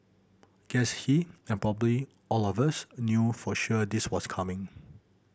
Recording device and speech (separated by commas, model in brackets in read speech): boundary microphone (BM630), read sentence